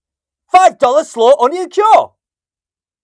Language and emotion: English, surprised